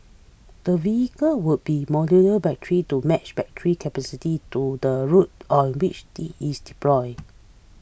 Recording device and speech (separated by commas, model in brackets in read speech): boundary microphone (BM630), read sentence